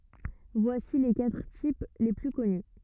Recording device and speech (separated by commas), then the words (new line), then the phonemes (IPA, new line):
rigid in-ear microphone, read sentence
Voici les quatre types les plus connus.
vwasi le katʁ tip le ply kɔny